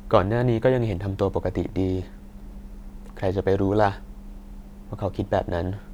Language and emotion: Thai, neutral